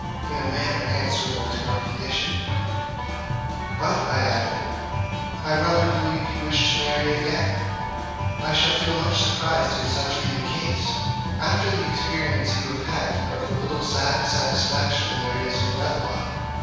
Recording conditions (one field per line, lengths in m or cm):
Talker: one person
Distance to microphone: 7.1 m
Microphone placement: far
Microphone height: 1.7 m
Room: very reverberant, large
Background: music